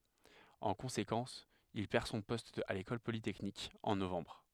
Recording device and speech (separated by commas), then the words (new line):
headset microphone, read sentence
En conséquence, il perd son poste à l’École polytechnique en novembre.